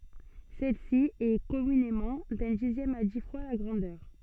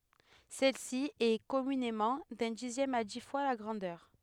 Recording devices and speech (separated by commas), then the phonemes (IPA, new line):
soft in-ear microphone, headset microphone, read sentence
sɛlsi ɛ kɔmynemɑ̃ dœ̃ dizjɛm a di fwa la ɡʁɑ̃dœʁ